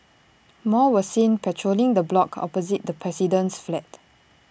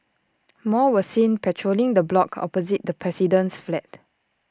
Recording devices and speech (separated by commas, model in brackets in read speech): boundary microphone (BM630), standing microphone (AKG C214), read sentence